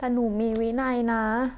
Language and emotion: Thai, sad